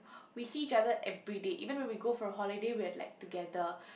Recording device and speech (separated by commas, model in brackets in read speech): boundary microphone, conversation in the same room